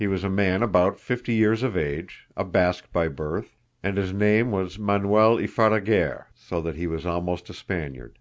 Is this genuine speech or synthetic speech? genuine